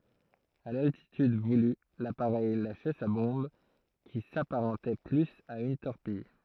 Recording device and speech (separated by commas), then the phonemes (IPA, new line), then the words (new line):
throat microphone, read sentence
a laltityd vuly lapaʁɛj laʃɛ sa bɔ̃b ki sapaʁɑ̃tɛ plyz a yn tɔʁpij
À l'altitude voulue, l'appareil lâchait sa bombe, qui s'apparentait plus à une torpille.